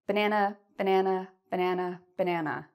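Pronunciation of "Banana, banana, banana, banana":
Each 'banana' in the repeated run is said with the intonation of a statement, not the intonation of a list.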